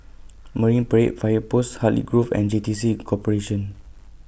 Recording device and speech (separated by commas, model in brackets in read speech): boundary microphone (BM630), read sentence